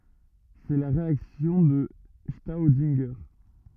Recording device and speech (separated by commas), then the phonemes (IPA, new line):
rigid in-ear microphone, read sentence
sɛ la ʁeaksjɔ̃ də stodɛ̃ʒe